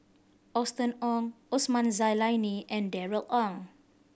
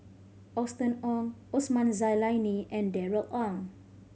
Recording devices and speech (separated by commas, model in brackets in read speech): boundary microphone (BM630), mobile phone (Samsung C5010), read sentence